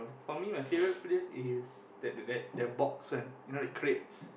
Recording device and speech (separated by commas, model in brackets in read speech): boundary microphone, conversation in the same room